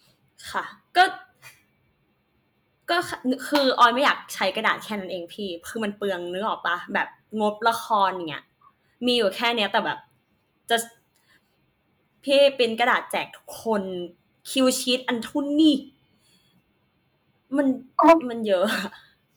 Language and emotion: Thai, frustrated